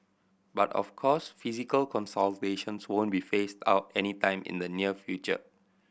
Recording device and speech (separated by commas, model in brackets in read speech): boundary microphone (BM630), read sentence